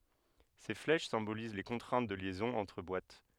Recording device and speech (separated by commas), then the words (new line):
headset microphone, read sentence
Ces flèches symbolisent les contraintes de liaisons entre boîtes.